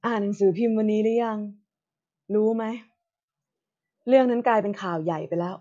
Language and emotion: Thai, neutral